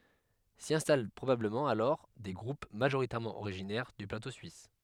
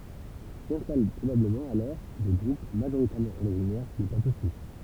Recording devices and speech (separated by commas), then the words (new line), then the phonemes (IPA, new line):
headset microphone, temple vibration pickup, read sentence
S'y installent probablement alors des groupes majoritairement originaires du plateau suisse.
si ɛ̃stal pʁobabləmɑ̃ alɔʁ de ɡʁup maʒoʁitɛʁmɑ̃ oʁiʒinɛʁ dy plato syis